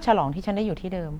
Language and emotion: Thai, frustrated